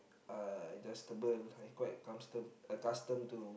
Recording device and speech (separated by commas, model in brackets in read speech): boundary microphone, conversation in the same room